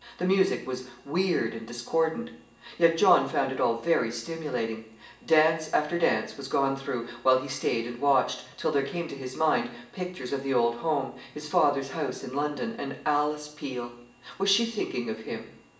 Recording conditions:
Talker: one person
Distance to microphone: 1.8 m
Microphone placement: close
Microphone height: 1.0 m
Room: large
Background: television

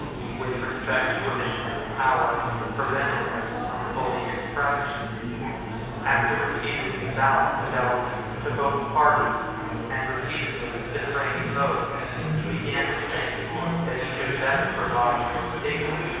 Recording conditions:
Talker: one person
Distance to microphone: 7.1 m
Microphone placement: far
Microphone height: 1.7 m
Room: very reverberant, large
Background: babble

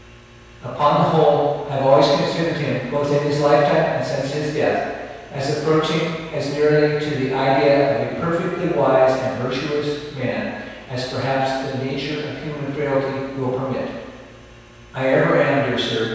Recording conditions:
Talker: one person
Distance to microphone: 7.1 m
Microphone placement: far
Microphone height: 1.7 m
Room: very reverberant, large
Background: none

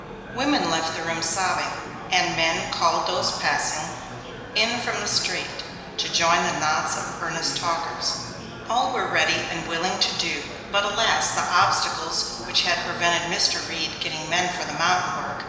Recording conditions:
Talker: one person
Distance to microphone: 1.7 m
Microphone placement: close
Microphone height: 1.0 m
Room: very reverberant, large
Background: babble

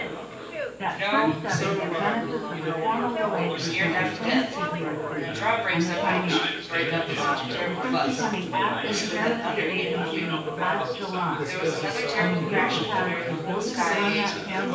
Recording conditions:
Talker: one person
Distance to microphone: 9.8 m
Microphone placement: far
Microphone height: 1.8 m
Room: large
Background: babble

